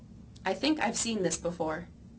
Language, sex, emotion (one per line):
English
female
neutral